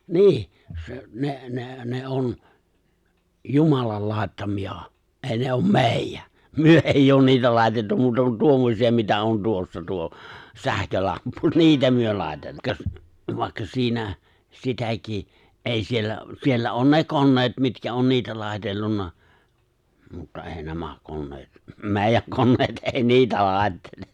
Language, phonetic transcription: Finnish, nii , se , 'ne , 'ne , ne '’on , "jumalal 'lài̬ttami₍ᴀ , '’ei ne ’oom "mèijᴀ̈ , "myö èijj ‿oon niitä 'lài̬tettu muuta kun 'tuommosi₍a mitä on tuossa 'tuo , 'sähkölamppu , 'niitä myö 'lài̬te- , vàekka 'siinä , 'sitäki , '’ei 'siellä , 'siellä on "ne 'konneet mitkä on 'niitä 'lài̬tellunna , mutta ''è̬i 'nämä 'konneet , ''mè̬ijäŋ 'konneet '’èi ''niitä 'lài̬ttele .
- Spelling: niin se ne ne ne on jumalan laittamia ei ne ole meidän me ei ole niitä laitettu muuta kuin tuommoisia mitä on tuossa tuo sähkölamppu niitä me - vaikka siinä sitäkin ei siellä siellä on ne koneet mitkä on niitä laitellut mutta ei nämä koneet meidän koneet ei niitä laittele

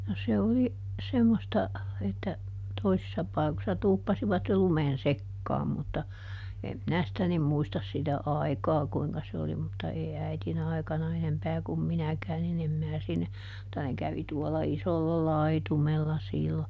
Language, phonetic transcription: Finnish, no ˈse oli , ˈsemmosta , että , ˈtoisissa ˈpaikossa ˈtuuppasivat jo ˈlumen "sekkaam mutta , ˈem ˈminä sⁱtä nim ˈmuistas sitä "ai̮kaa ˈkuiŋka se oli mutta ˈèi ˈäitiˈn ‿aikana ˈenempää kum ˈminäkää niˈn ‿em mää sinne , [mut]ta ne kävi tuola ˈisolla "laitumella ˈsìllo .
- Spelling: no se oli semmoista että toisissa paikoissa tuuppasivat jo lumen sekaan mutta en minä sitä niin muista sitä aikaa kuinka se oli mutta ei äidin aikana enempää kuin minäkään niin en minä sinne mutta ne kävi tuolla isolla laitumella silloin

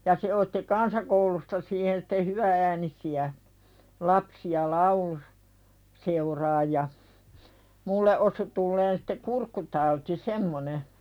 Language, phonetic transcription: Finnish, ja 'se otti "kansakoulusta siihen sitte 'hyvä₍äänisi₍ä , 'lapsi₍a "laulu- , 'seuraaj ja , 'mulle ’osu tulleen sɪte "kurkkutauti 'semmone .
- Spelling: ja se otti kansakoulusta siihen sitten hyvä-äänisiä lapsia - lauluseuraan ja minulle osui tulemaan sitten kurkkutauti semmoinen

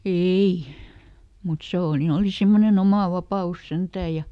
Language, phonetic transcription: Finnish, "eei , mut ˈsè o- ni ˈoli ˈsimmoneˈn ‿omà "vapa₍us ˈsentääj̆ ja ,.
- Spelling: ei mutta se - niin oli semmoinen oma vapaus sentään ja

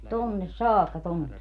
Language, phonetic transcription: Finnish, 'tonnes "saakka 'tonne .
- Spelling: tuonne saakka tuonne

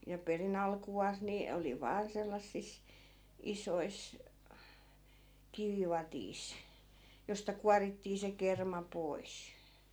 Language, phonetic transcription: Finnish, ja 'peri"n ‿alku₍aas ni , 'oli 'vaan sellassis , 'isois , 'kivivatiis , josta 'kuarittii se 'kerma 'pois .
- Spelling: ja perin alkuaan niin oli vain sellaisissa isoissa kivivadeissa josta kuorittiin se kerma pois

